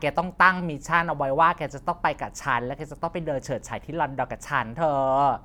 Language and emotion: Thai, happy